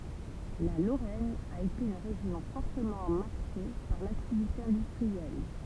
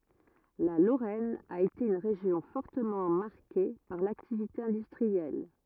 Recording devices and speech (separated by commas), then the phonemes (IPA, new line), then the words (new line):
temple vibration pickup, rigid in-ear microphone, read sentence
la loʁɛn a ete yn ʁeʒjɔ̃ fɔʁtəmɑ̃ maʁke paʁ laktivite ɛ̃dystʁiɛl
La Lorraine a été une région fortement marquée par l'activité industrielle.